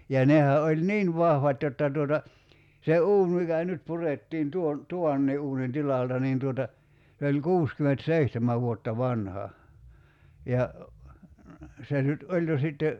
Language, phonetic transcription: Finnish, ja 'nehä oĺ "niin 'vahvat jotta tuota , se "uun mikä 'nyt 'purettiin 'tuon , "tuvannii ’uunin 'tilalta niin tuota , se oĺ "kuuskyment"seihtemä vuotta 'vanha , ja , 'se nyt "oĺ jo sitte ,.
- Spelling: ja nehän oli niin vahvat jotta tuota se uuni mikä nyt purettiin tuon tuvankin uunin tilalta niin tuota se oli kuusikymmentäseitsemän vuotta vanha ja se nyt oli jo sitten

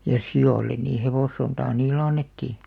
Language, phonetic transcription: Finnish, ja "si₍òllen nii 'hevòssontaa 'niil̆lᵉ "annettì .
- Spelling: ja sioille niin hevossontaa niille annettiin

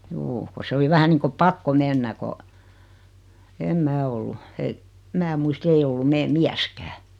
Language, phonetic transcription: Finnish, 'juu , ko 'se oli 'vähä niiŋko "pakko 'mennä ko , 'em "mää ollu , e- , 'mää muis't ‿ei ollum 'mee "miäskää .
- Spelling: juu kun se oli vähän niin kuin pakko mennä kun en minä ollut - minä muista ei ollut meidän mieskään

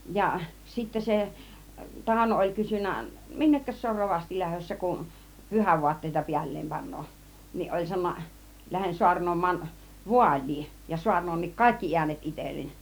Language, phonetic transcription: Finnish, 'ja , sittä 'se , 'Tàuno oĺ 'kysyn̆nä , » "minnekkäs se or "rovasti 'lähössä kun , "pyhävuatteita 'piäl̀leem 'pan̆nooˀ « niˀ ˀoĺ 'sa(no)n̆na , » "lähen suarnom̆maan , "vuaĺ̆lii , ja 'suarn̆noonnik "kàikki 'iänet 'itellen « .
- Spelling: ja sitten se Tauno oli kysynyt minnekäs se on rovasti lähdössä kun pyhävaatteita päälleen panee niin oli sanonut lähden saarnaamaan vaaliin ja saarnaankin kaikki äänet itselleni

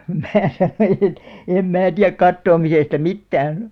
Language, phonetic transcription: Finnish, 'mää sanoiʲ ‿et , » 'em 'mää tiäk 'kattoomisesta "mittään « .
- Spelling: minä sanoin että en minä tiedä katoamisesta mitään

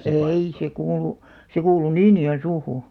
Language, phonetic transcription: Finnish, ei se 'kuulu , 'se kuulu "Niinijo₍en'suuhuu .
- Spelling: ei se kuulunut se kuului Niinijoensuuhun

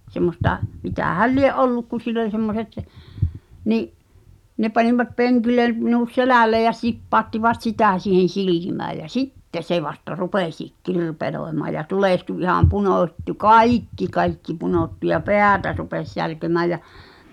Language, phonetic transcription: Finnish, semmosta , 'mitähäl "lie’ '’olluk ku sill ‿oĺ semmoset , 'ni’ , 'ne panivat 'peŋkilen , minut "selä̀l̆leej ja 's̳ippàottivat "sitä siihen̬ 'silìmääʲ jä "sitte se vasta 'rupesìk "kirpeloemaa ja 'tulèhtu iham 'punòt́tu "kàikki kaikki 'punòttu ja "pè̳ä̳̀tä rupes särkemää jä ,.
- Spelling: semmoista mitähän lie ollut kun sillä oli semmoiset niin ne panivat penkille minut selälleen ja sippauttivat sitä siihen silmään ja sitten se vasta rupesikin kirpelöimään ja tulehtui ihan punottui kaikki kaikki punottui ja päätä rupesi särkemään ja

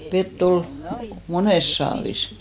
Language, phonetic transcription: Finnish, 'vet't ‿ol , "monès saavis .
- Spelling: vettä oli monessa saavissa

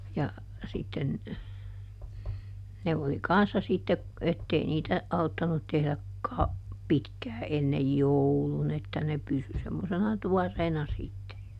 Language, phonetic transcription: Finnish, ja , sitten , ˈne oli "kanssa sitte , ˈettei niitä , ˈauttanut tehlä , kau- , ˈpitkää ennej "joulun ‿että ne ˈpysy semmosena "tuɔrreena ˈsitte .
- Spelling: ja sitten ne oli kanssa sitten että ei niitä auttanut tehdä - pitkään ennen joulun että ne pysyi semmoisena tuoreena sitten

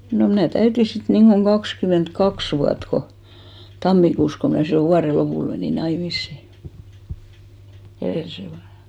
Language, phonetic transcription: Finnish, no mnä̀ 'täyti 'sit niŋɢoŋ 'ɢakskyment"kaks vuat ko , 'tammikuus ko mnä̀ sillo 'vuare 'lopùl menì "naimissi , 'erèlisen vuan ja .
- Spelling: no minä täytin sitten niin kuin kaksikymmentäkaksi vuotta kun tammikuussa kun minä silloin vuoden lopulla menin naimisiin edellisenä vuonna ja

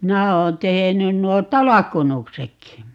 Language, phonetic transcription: Finnish, "minä oon 'tehenyn 'nuo "talakkunuksekki .
- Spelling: minä olen tehnyt nuo talkkunuksetkin

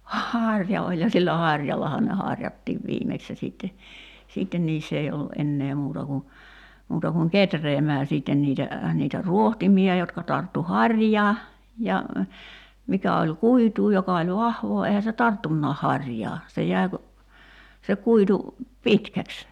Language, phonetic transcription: Finnish, "hàŕja oĺ ja sillä 'haŕjallaha ne 'haŕjattiiv 'viimeks ja sìtte , 'siitten 'niiss ‿ei ollu '’ennee muuta ku , 'muuta kuŋ "ketreemää 'siitten niitä , niitä "ruohtimia 'jotka tarttu "haŕjaa , ja , 'mikä oĺ "kuituu 'joka oĺ "vahvoo eihä se "tarttunnaah 'haŕjaa , se jäi̬ ku , se 'kuitu , "pitkäks .
- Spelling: harja oli ja sillä harjallahan ne harjattiin viimeksi ja sitten sitten niissä ei ollut enää muuta kuin muuta kuin kehräämään sitten niitä niitä rohtimia jotka tarttui harjaan ja mikä oli kuitua joka oli vahvaa eihän se tarttunutkaan harjaa se jäi kun se kuitu pitkäksi

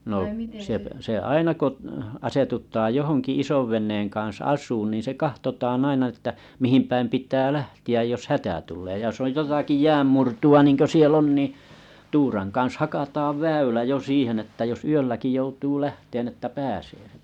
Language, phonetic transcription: Finnish, no , se s- se 'aina ko , asetut̆taaʲ ’johoŋki 'isovven̆neeŋ kaa̰s 'as̆suun niin se 'kahtotaan ‿aina että , 'mihimpäim pit̀ää 'lähti₍äj jos "hätä tul̆lee ja jos oj 'jotaki 'jääm murtu₍a niŋko siel'l ‿on ni , 'turaŋ kaa̰s 'hakataav 'väylä jo 'siihen että jos 'yölläki joutuu 'lähteen ‿että 'pääsee .
- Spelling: no se - se aina kun asetutaan johonkin isonveneen kanssa asumaan niin se katsotaan aina että mihin päin pitää lähteä jos hätä tulee ja jos on jotakin jään murtoa niin kuin siellä on niin tuuran kanssa hakataan väylä jo siihen että jos yölläkin joutuu lähtemään että pääsee

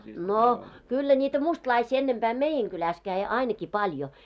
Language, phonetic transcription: Finnish, 'nò , 'kyllä ńiitä "mustlaisii ennempää "meijɛŋ 'kyläs käi 'aineki 'paĺjo .
- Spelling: no kyllä niitä mustalaisia ennempää meidän kylässä kävi ainakin paljon

